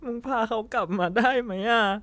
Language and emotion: Thai, sad